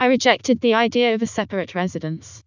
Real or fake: fake